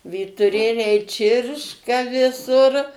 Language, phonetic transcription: Lithuanian, vytuˈrėliai ˈčirška viˈsur

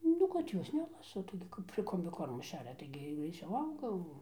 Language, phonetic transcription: Lithuanian, ˈnu kad ˈjos ˈnelasa ˈtaigi kap ir kombiˈkormu ˈšeria ˈtaigi greiˈciauˈ auga jau

